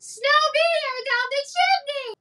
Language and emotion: English, happy